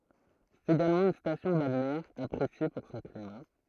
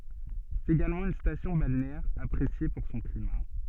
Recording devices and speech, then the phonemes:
throat microphone, soft in-ear microphone, read sentence
sɛt eɡalmɑ̃ yn stasjɔ̃ balneɛʁ apʁesje puʁ sɔ̃ klima

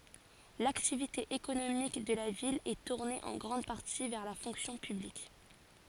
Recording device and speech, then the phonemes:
forehead accelerometer, read sentence
laktivite ekonomik də la vil ɛ tuʁne ɑ̃ ɡʁɑ̃d paʁti vɛʁ la fɔ̃ksjɔ̃ pyblik

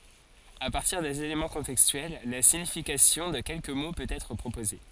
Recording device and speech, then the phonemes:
forehead accelerometer, read sentence
a paʁtiʁ dez elemɑ̃ kɔ̃tɛkstyɛl la siɲifikasjɔ̃ də kɛlkə mo pøt ɛtʁ pʁopoze

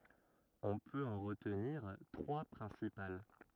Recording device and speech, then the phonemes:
rigid in-ear microphone, read sentence
ɔ̃ pøt ɑ̃ ʁətniʁ tʁwa pʁɛ̃sipal

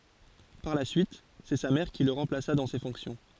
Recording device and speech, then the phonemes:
forehead accelerometer, read sentence
paʁ la syit sɛ sa mɛʁ ki lə ʁɑ̃plasa dɑ̃ se fɔ̃ksjɔ̃

